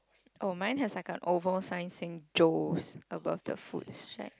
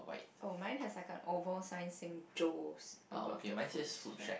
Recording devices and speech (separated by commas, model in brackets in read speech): close-talking microphone, boundary microphone, conversation in the same room